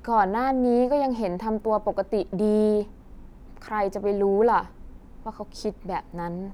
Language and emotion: Thai, neutral